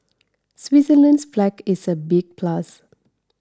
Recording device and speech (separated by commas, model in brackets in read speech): standing microphone (AKG C214), read sentence